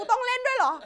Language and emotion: Thai, angry